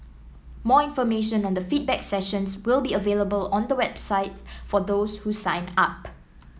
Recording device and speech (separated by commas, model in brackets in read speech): mobile phone (iPhone 7), read sentence